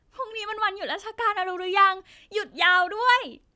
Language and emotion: Thai, happy